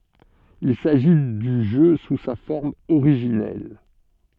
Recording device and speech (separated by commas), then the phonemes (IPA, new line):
soft in-ear microphone, read sentence
il saʒi dy ʒø su sa fɔʁm oʁiʒinɛl